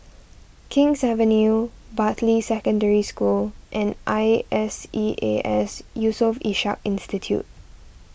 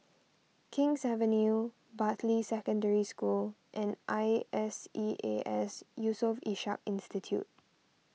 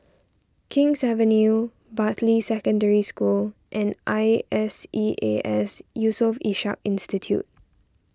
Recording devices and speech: boundary microphone (BM630), mobile phone (iPhone 6), standing microphone (AKG C214), read sentence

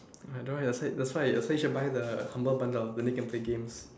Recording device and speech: standing microphone, conversation in separate rooms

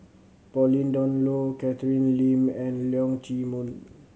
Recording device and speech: mobile phone (Samsung C7100), read sentence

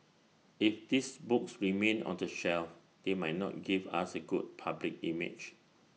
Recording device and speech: mobile phone (iPhone 6), read sentence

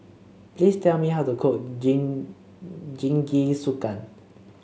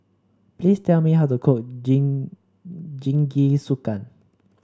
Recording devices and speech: mobile phone (Samsung C7), standing microphone (AKG C214), read sentence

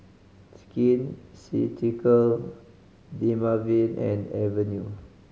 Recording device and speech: mobile phone (Samsung C5010), read sentence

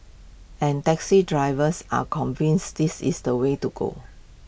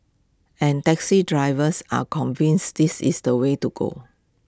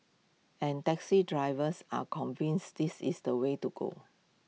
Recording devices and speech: boundary microphone (BM630), close-talking microphone (WH20), mobile phone (iPhone 6), read sentence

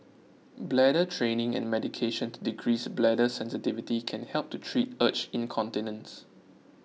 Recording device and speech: mobile phone (iPhone 6), read sentence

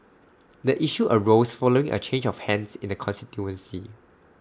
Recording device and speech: standing microphone (AKG C214), read sentence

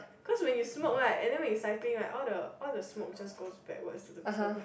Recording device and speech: boundary microphone, conversation in the same room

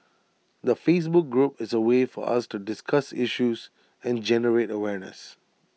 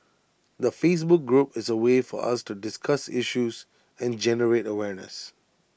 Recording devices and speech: mobile phone (iPhone 6), boundary microphone (BM630), read sentence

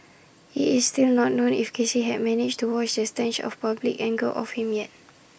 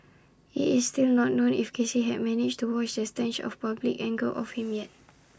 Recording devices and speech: boundary microphone (BM630), standing microphone (AKG C214), read sentence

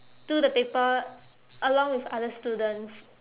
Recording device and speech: telephone, conversation in separate rooms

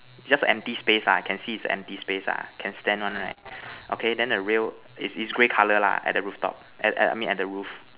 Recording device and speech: telephone, conversation in separate rooms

